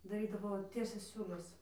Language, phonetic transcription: Lithuanian, daˈrydavo ˈtiesias ˈsiūles

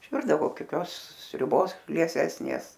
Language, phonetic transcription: Lithuanian, išˈvirdavo koˈkios sriuˈbos lieˈsesnės

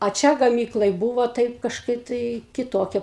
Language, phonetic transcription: Lithuanian, a ˈčia gaˈmyklaj ˈbūvo ˈtaip kažˈkaip tai kiˈtokia

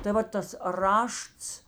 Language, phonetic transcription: Lithuanian, tai ˈva tas ˈrašts

